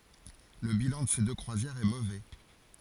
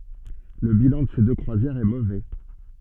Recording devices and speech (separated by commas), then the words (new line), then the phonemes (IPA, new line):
forehead accelerometer, soft in-ear microphone, read sentence
Le bilan de ces deux croisières est mauvais.
lə bilɑ̃ də se dø kʁwazjɛʁz ɛ movɛ